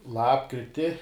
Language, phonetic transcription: Lithuanian, ˈlapkriti

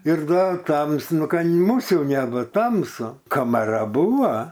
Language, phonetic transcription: Lithuanian, ir dar ˈtamsu ˈnu ˈ ka muˈsių nebut ˈtamsu kamaˈra ˈbūva

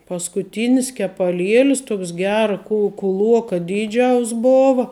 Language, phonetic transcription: Lithuanian, paskuˈtynis kepaˈlielis ˈtuoks ˈgera ku kuˈluoka ˈdyˌdžiaus ˈbova

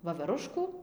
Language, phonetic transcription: Lithuanian, vaveˈruškų

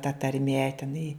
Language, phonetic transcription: Lithuanian, ta tarˈmie teˈnai

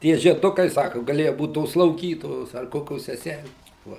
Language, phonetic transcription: Lithuanian, ˈtie žieˈdukai ˈsaku gaˈlėju ˈbūt tos slauˈgytojos ar ˈkokios seˈsælės va

